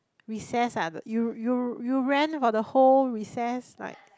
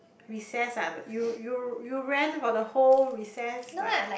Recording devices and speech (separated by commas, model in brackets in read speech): close-talking microphone, boundary microphone, conversation in the same room